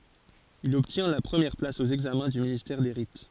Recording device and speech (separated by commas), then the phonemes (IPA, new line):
forehead accelerometer, read sentence
il ɔbtjɛ̃ la pʁəmjɛʁ plas o ɛɡzamɛ̃ dy ministɛʁ de ʁit